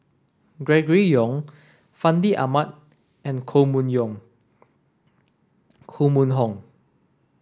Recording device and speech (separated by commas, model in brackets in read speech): standing microphone (AKG C214), read sentence